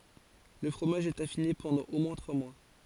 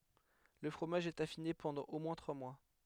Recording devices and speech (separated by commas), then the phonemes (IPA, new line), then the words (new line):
forehead accelerometer, headset microphone, read sentence
lə fʁomaʒ ɛt afine pɑ̃dɑ̃ o mwɛ̃ tʁwa mwa
Le fromage est affiné pendant au moins trois mois.